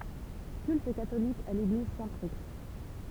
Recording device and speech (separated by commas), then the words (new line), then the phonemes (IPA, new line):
temple vibration pickup, read sentence
Culte catholique à l'église Saint-Prix.
kylt katolik a leɡliz sɛ̃tpʁi